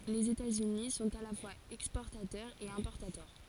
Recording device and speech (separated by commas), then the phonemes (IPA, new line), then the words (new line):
forehead accelerometer, read sentence
lez etatsyni sɔ̃t a la fwaz ɛkspɔʁtatœʁz e ɛ̃pɔʁtatœʁ
Les États-Unis sont à la fois exportateurs et importateurs.